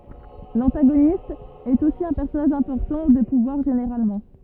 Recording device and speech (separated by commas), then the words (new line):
rigid in-ear microphone, read sentence
L'antagoniste est aussi un personnage important, de pouvoir généralement.